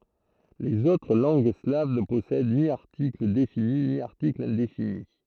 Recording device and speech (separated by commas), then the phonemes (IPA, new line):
throat microphone, read sentence
lez otʁ lɑ̃ɡ slav nə pɔsɛd ni aʁtikl defini ni aʁtikl ɛ̃defini